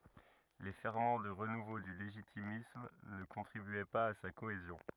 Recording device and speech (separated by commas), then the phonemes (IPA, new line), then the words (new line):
rigid in-ear microphone, read sentence
le fɛʁmɑ̃ də ʁənuvo dy leʒitimism nə kɔ̃tʁibyɛ paz a sa koezjɔ̃
Les ferments de renouveau du légitimisme ne contribuaient pas à sa cohésion.